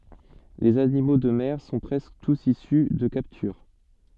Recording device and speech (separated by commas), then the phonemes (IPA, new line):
soft in-ear microphone, read sentence
lez animo də mɛʁ sɔ̃ pʁɛskə tus isy də kaptyʁ